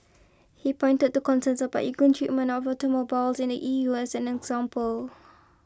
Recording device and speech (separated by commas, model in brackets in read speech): close-talking microphone (WH20), read sentence